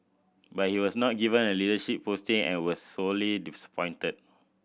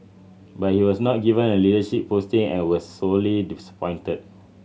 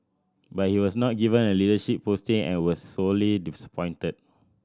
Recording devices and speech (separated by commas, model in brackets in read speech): boundary microphone (BM630), mobile phone (Samsung C7100), standing microphone (AKG C214), read sentence